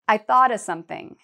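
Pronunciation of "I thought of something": In 'I thought of something', 'of' is reduced to just an uh sound.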